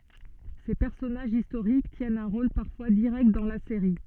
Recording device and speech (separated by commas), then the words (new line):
soft in-ear microphone, read sentence
Ces personnages historiques tiennent un rôle parfois direct dans la série.